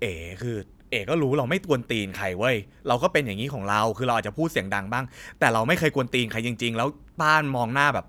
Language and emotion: Thai, frustrated